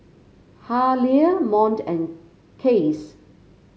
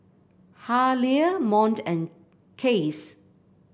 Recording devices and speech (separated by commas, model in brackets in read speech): mobile phone (Samsung C5), boundary microphone (BM630), read sentence